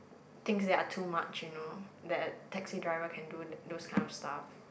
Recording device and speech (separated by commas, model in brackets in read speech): boundary microphone, conversation in the same room